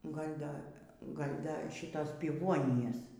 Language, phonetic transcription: Lithuanian, gal' ˈda ˈgal' ˈda ˈšitos piˈvuonijos

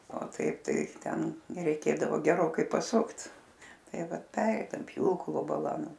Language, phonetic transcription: Lithuanian, o ˈtaip ˈtai ˈten reiˈkėdavo geˈrokai paˈsukt ˈtai ˈvat ˈpereidam ˈpjūklo baˈla ˈnu

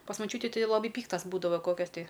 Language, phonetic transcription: Lithuanian, pas maˈčiūti ˈtai laˈbai ˈpyktas ˈbūdava ˈkokias ti

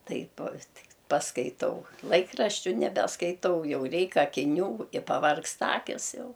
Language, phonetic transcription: Lithuanian, ˈtaip ˈtik paskaiˈtau ˈlaikraščiu nebeskaiˈtau ˈjau ˈreik akiˈnių i paˈvargsta ˈakis ˈjau

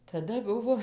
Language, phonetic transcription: Lithuanian, taˈda ˈbuvo

